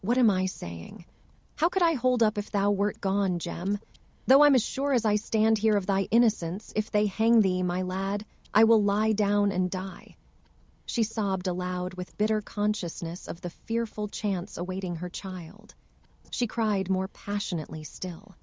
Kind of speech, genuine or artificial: artificial